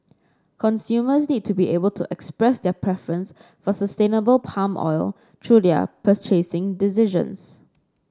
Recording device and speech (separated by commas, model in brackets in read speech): standing microphone (AKG C214), read sentence